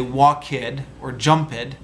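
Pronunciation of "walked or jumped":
'Walked' and 'jumped' are pronounced incorrectly here: each ends with an ed sound instead of a t sound.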